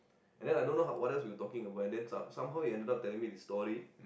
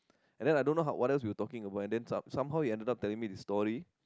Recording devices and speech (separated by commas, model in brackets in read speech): boundary microphone, close-talking microphone, conversation in the same room